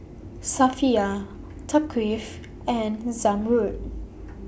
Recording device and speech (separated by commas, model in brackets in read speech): boundary microphone (BM630), read sentence